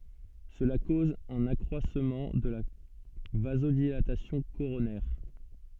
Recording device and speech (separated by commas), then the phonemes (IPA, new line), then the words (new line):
soft in-ear microphone, read sentence
səla koz œ̃n akʁwasmɑ̃ də la vazodilatasjɔ̃ koʁonɛʁ
Cela cause un accroissement de la vasodilatation coronaire.